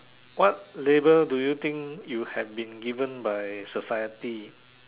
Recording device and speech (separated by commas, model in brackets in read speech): telephone, conversation in separate rooms